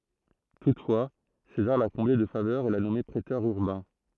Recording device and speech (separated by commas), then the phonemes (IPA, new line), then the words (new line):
throat microphone, read sentence
tutfwa sezaʁ la kɔ̃ble də favœʁz e la nɔme pʁetœʁ yʁbɛ̃
Toutefois, César l’a comblé de faveurs et l’a nommé préteur urbain.